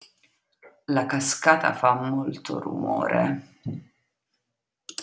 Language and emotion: Italian, disgusted